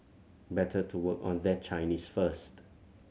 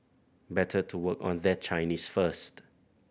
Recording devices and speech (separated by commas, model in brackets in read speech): mobile phone (Samsung C7100), boundary microphone (BM630), read sentence